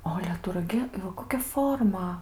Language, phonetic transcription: Lithuanian, o ˈale ˈtu raˈgi i ˈva ˈkokia ˈforma

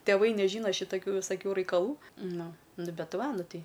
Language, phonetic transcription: Lithuanian, teˈvai neˈžyna šitaˈkių visaˈkių raikaˈlų ˈnu ˈnu ˈbet ˈva ˈnu ˈtai

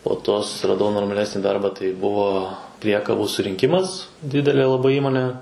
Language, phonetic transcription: Lithuanian, po ˈto susiraˈdau normaˈlesnį ˈdarbą tai ˈbuvo ˈpriekabų surinˈkimas ˈdidelė laˈbai ˈįmonė

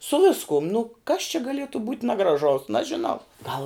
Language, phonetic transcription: Lithuanian, su ˈviskum nu kas čia gaˈlietu būt nagraˈžaus nažiˈnau gal

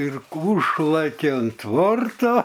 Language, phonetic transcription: Lithuanian, ir ki ˈūžlɘke an ˈtvorto

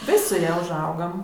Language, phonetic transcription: Lithuanian, ˈvis' su ˈja užˈaugam

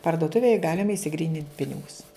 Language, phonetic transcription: Lithuanian, pardoˈtuvėj ˈgalima išsiˈgrynint ˈpinigus

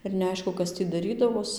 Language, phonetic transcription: Lithuanian, ir neˈaišku ˈkas tį daˈrydavos

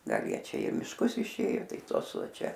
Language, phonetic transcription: Lithuanian, ˈgal ˈjie ˈčia i mišˈkus išˈėjo ˈtai ˈtos ˈva ˈčia

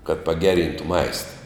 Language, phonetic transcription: Lithuanian, kad paˈgeˌryntu ˈmaista

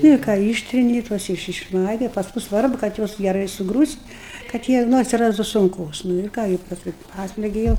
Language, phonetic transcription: Lithuanian, ˈnu ir ˈką ˈyštrini ˈtuos iš išˈmaigai ˈpasku ˈsvarbu kad ˈjuos geˈrai suˈgrūst' kad ˈjie ˈnu atsiˈrastu sunˈkos nu ir ˈką gi pasˈkui ˈpaslegi jau

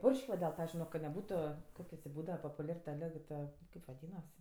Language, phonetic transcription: Lithuanian, ˈpurš'k' va del ˈta ˈpavizdžiui ka neˈbūtu ˈkokie tė ˈbūdava popuˈliar ta ˈlig ta ˈkaip vaˈdynas

